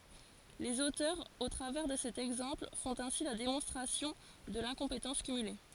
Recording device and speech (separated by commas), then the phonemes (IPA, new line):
forehead accelerometer, read sentence
lez otœʁz o tʁavɛʁ də sɛt ɛɡzɑ̃pl fɔ̃t ɛ̃si la demɔ̃stʁasjɔ̃ də lɛ̃kɔ̃petɑ̃s kymyle